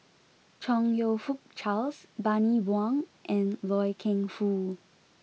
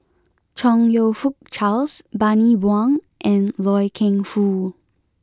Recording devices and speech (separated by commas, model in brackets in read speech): mobile phone (iPhone 6), close-talking microphone (WH20), read sentence